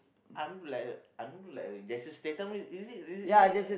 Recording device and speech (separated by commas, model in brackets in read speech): boundary microphone, conversation in the same room